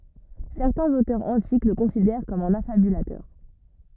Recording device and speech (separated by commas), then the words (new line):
rigid in-ear microphone, read sentence
Certains auteurs antiques le considèrent comme un affabulateur.